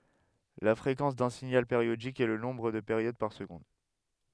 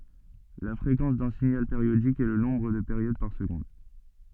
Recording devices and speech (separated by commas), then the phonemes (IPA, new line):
headset microphone, soft in-ear microphone, read sentence
la fʁekɑ̃s dœ̃ siɲal peʁjodik ɛ lə nɔ̃bʁ də peʁjod paʁ səɡɔ̃d